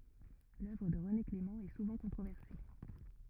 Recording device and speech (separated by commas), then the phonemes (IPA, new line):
rigid in-ear microphone, read sentence
lœvʁ də ʁəne klemɑ̃ ɛ suvɑ̃ kɔ̃tʁovɛʁse